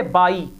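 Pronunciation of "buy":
'Buy' is pronounced incorrectly here.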